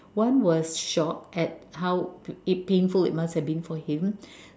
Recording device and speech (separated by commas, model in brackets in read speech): standing microphone, conversation in separate rooms